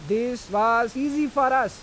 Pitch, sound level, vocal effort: 245 Hz, 96 dB SPL, loud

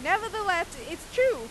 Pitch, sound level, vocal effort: 385 Hz, 101 dB SPL, very loud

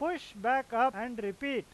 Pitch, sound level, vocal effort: 255 Hz, 98 dB SPL, very loud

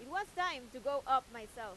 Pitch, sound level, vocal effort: 260 Hz, 98 dB SPL, very loud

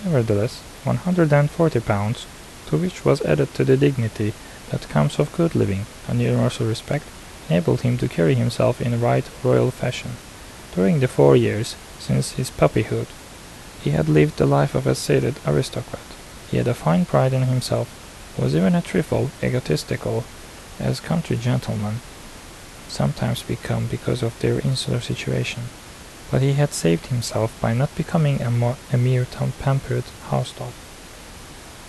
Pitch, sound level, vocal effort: 120 Hz, 76 dB SPL, soft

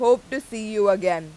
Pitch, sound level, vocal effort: 215 Hz, 95 dB SPL, very loud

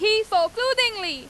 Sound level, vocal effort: 99 dB SPL, very loud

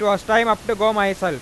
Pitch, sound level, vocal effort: 210 Hz, 101 dB SPL, loud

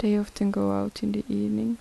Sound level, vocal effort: 75 dB SPL, soft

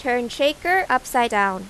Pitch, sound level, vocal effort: 250 Hz, 92 dB SPL, loud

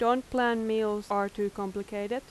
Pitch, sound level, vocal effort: 210 Hz, 86 dB SPL, loud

